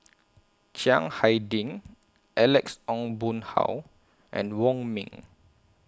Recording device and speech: close-talking microphone (WH20), read sentence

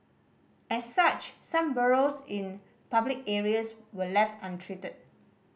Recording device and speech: boundary microphone (BM630), read sentence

